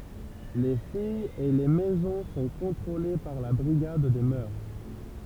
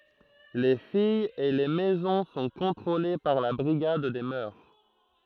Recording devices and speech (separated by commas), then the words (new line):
temple vibration pickup, throat microphone, read sentence
Les filles et les maisons sont contrôlées par la Brigade des mœurs.